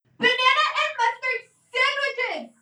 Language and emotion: English, angry